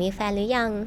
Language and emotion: Thai, neutral